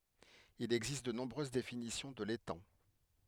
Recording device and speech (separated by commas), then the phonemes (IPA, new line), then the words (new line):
headset microphone, read sentence
il ɛɡzist də nɔ̃bʁøz definisjɔ̃ də letɑ̃
Il existe de nombreuses définitions de l’étang.